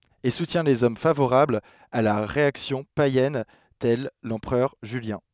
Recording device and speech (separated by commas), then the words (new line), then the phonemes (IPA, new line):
headset microphone, read sentence
Et soutient les hommes favorables à la réaction païenne tel l'empereur Julien.
e sutjɛ̃ lez ɔm favoʁablz a la ʁeaksjɔ̃ pajɛn tɛl lɑ̃pʁœʁ ʒyljɛ̃